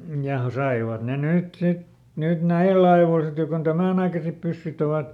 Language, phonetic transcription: Finnish, ja ˈsaivat ne ˈnyt ˈsit , nyt "näill ‿aivòl sit jo kon "tämä̀naikasep ˈpyssyt ‿ovat ,.
- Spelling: ja saivat ne nyt sitten nyt näillä ajoilla sitten jo kun tämänaikaiset pyssyt ovat

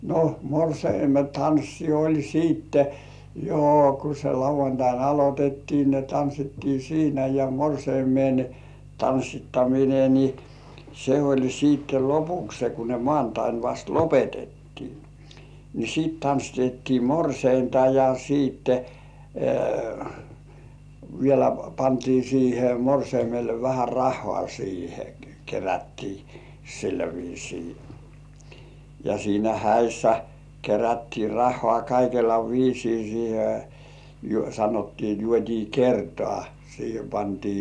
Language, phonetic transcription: Finnish, no , 'morseime "tanssi oĺ 'siitte , jo ku se 'lauv̆vantain "alot́ettii ne 'tanssittii "siinä ja "morseimen , 'tanssittamine ni , se oĺ siitte "lopukse ku ne 'mŏàntain vast "lopetettii , ni 'siit tanssitettii "morseinta ja 'siitte , vielä 'pantii siihe 'morseimelle vähär "rah̆hŏà siihe 'kerättii , sillä viisii ja siinä "häissä kerättii 'rah̆hŏà 'kaikella "viisii siihe , ju-sanottii 'juot́ii "kertŏà , siihe pantii - - .
- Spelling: no morsiamen tanssi oli sitten jo kun se lauantaina aloitettiin ne tanssittiin siinä ja morsiamen tanssittaminen niin se oli sitten lopuksi kun ne maanantaina vasta lopetettiin niin sitten tanssitettiin morsianta ja sitten vielä pantiin siihen morsiamelle vähän rahaa siihen kerättiin sillä viisiin ja siinä häissä kerättiin rahaa kaikella viisiin siihen - sanottiin juotiin kertaa siihen pantiin

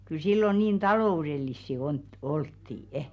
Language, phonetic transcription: Finnish, kyl 'sillo niin "talò₍urel̀issi on̳§t'olttì₍ᵊ .
- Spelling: kyllä silloin niin taloudellisia - oltiin

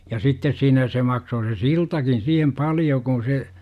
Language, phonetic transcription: Finnish, ja 'sittes siinä se 'maksoo se "siltakin siihem "paljo kuṵ se , .
- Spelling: ja sitten siinä se maksaa se siltakin siihen paljon kun se

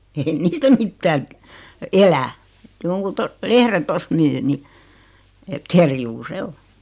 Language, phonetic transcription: Finnish, ei 'niistä "mittääŋ kə- , "elä , 'joŋkun to- , 'lehre 'tost myy ni , et 'kerjuu "se o .
- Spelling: ei niistä mitään - elä jonkun - lehden tuosta myy niin että kerjuu se on

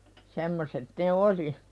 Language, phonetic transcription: Finnish, 'semmoset ne "oli .
- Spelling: semmoiset ne oli

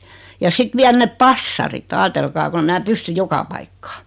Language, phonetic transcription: Finnish, ja 'sit viäl 'nep "passarit , 'aatelkaa kon ‿e mää 'pysty "joka paikkᴀᴀ .
- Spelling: ja sitten vielä ne passarit ajatelkaa kun en minä pysty joka paikkaan

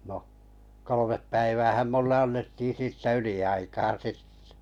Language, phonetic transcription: Finnish, no , kolomep päiväähäm 'mulle 'annettii siittä 'yli₍aikaa "sittᴇ .
- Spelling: no kolme päiväähän minulle annettiin siitä yliaikaa sitten

